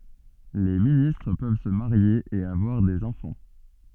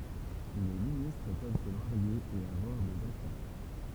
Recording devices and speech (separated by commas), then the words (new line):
soft in-ear microphone, temple vibration pickup, read sentence
Les ministres peuvent se marier et avoir des enfants.